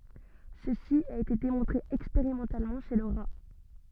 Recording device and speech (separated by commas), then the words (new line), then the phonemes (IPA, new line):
soft in-ear microphone, read sentence
Ceci a été démontré expérimentalement chez le rat.
səsi a ete demɔ̃tʁe ɛkspeʁimɑ̃talmɑ̃ ʃe lə ʁa